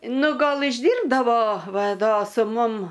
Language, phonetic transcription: Lithuanian, ˈnu ˈgal išˈdyrbdavo ˈva ˈdo su ˈmum

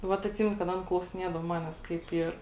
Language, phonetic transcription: Lithuanian, ˈvat atˈsymenu kad ˈan klausiˈniedav ˈmanes kaip ˈyr

